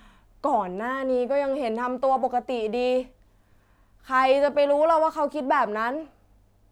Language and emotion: Thai, frustrated